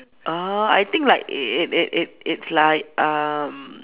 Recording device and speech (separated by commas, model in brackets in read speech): telephone, conversation in separate rooms